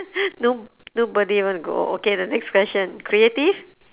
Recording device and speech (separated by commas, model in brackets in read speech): telephone, conversation in separate rooms